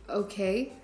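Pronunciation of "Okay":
'Okay' is said with an uncertain tone.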